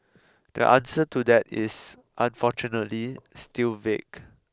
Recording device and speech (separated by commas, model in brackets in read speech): close-talking microphone (WH20), read sentence